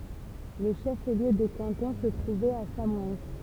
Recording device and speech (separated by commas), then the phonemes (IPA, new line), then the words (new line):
temple vibration pickup, read sentence
lə ʃəfliø də kɑ̃tɔ̃ sə tʁuvɛt a samɔɛn
Le chef-lieu de canton se trouvait à Samoëns.